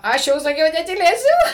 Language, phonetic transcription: Lithuanian, ˈaš jau saˈkiau netyˈlėsiu

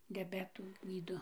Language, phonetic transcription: Lithuanian, diaˈbetų ˈgydo

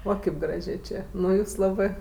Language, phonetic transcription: Lithuanian, ˈo ˈkėp ˈgražė ˈčė ˈnu ˈjūs ˈlabɜ

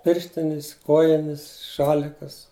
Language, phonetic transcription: Lithuanian, ˈpirštinis ˈkojinis ˈšalikas

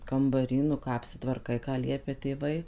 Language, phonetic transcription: Lithuanian, kambaˈry nu ˈką apsitvarˈkai ką ˈliepia tėˈvai

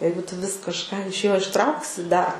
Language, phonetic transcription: Lithuanian, ˈjeigu ˈtu vis kažˈką iš ˈjo išˈtrauksi ˈdar

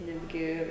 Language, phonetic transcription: Lithuanian, ˈnetgi

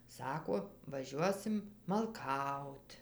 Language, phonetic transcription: Lithuanian, ˈsako vaˈžiuosim malˈkaut

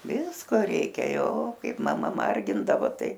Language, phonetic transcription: Lithuanian, ˈvisko ˈreikia ˈjo ˈkaip maˈma ˈmargindavo ˈtai

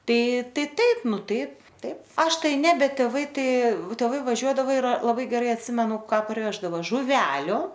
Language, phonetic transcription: Lithuanian, ˈtai ˈtai ˈtaip ˈnu ˈtaip ˈtaip ˈaš ˈtai ˈne ˈbet tėˈvai ˈtai tėˈvai vaˈžiuodava ir laˈbai geˈrai atˈsimenu ˈką parˈveždavo žuˈveliu

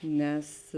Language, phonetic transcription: Lithuanian, ˈnes

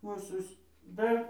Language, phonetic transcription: Lithuanian, ˈūsus ˈdar

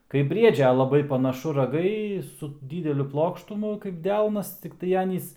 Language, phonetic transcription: Lithuanian, kaip ˈbriedžia laˈbai panaˈšu raˈgai su ˈdydeliu ˈplokštumu kaip ˈdelnas tikˈtai ˈanys

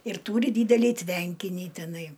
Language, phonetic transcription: Lithuanian, ir ˈtūri ˈdydelį ˈtvenkinį tiˈnai

